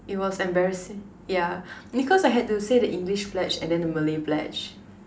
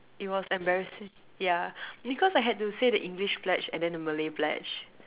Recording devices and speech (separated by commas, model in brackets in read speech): standing microphone, telephone, conversation in separate rooms